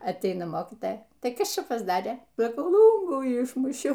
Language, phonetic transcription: Lithuanian, atˈeina ˈmokytaja ˈtai ˈkas ˈčia pasˈdarė saˈkau ˈlūngų ˈišmušiau

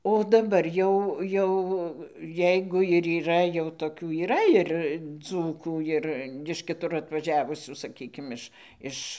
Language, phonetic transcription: Lithuanian, o daˈbar ˈjau ˈjau ˈjeigu ir yˈra jau toˈkių yˈra ir ˈdzūkų ˈir iš kiˈtur atvaˈžiavusių saˈkykim ˈiš ˈiš

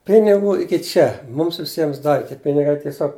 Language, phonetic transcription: Lithuanian, ˈpinigų ˈiki ˈčia ˈmums viˈsiems ˈdavi ˈtie ˈpinigai tieˈsiog

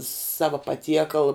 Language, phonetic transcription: Lithuanian, ˈsava paˈtiekal

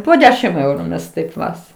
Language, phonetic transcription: Lithuanian, po ˈdešim ˈeuru ˈmes ˈtaip ˈvas

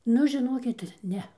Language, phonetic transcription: Lithuanian, ˈnu žiˈnokit ˈne

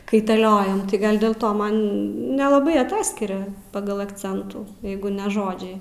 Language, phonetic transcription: Lithuanian, kaitaˈliojam tai ˈgal dėl ˈto ˈman nelaˈbai aˈtaskiria ˈpagal akˈcentų ˈjeigu ne ˈžodžiai

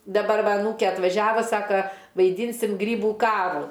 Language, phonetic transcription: Lithuanian, daˈbar ˈva aˈnūkė atvaˈžiava ˈsaka vaiˈdynsim ˈgrybų ˈkarų

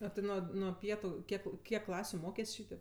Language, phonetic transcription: Lithuanian, a ˈti ˈnuo nuo ˈpietu ˈkiek ˈkiek ˈklasiu ˈmokės' ˈšytėp

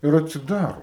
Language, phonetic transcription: Lithuanian, ir atsiˈdaro

